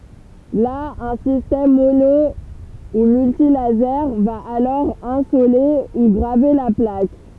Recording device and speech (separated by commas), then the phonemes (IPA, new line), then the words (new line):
temple vibration pickup, read sentence
la œ̃ sistɛm mono u myltilaze va alɔʁ ɛ̃sole u ɡʁave la plak
Là, un système mono ou multilasers va alors insoler ou graver la plaque.